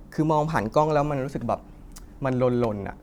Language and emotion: Thai, neutral